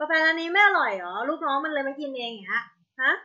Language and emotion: Thai, frustrated